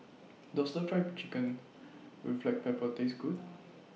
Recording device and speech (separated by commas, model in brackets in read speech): mobile phone (iPhone 6), read sentence